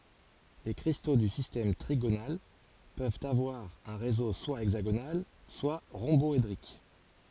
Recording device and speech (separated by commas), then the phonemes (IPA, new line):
forehead accelerometer, read sentence
le kʁisto dy sistɛm tʁiɡonal pøvt avwaʁ œ̃ ʁezo swa ɛɡzaɡonal swa ʁɔ̃bɔedʁik